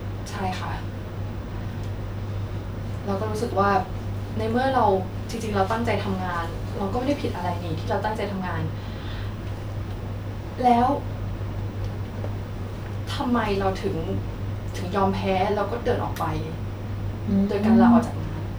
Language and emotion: Thai, sad